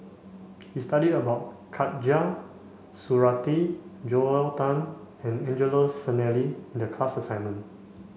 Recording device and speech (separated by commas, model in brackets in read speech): mobile phone (Samsung C5), read sentence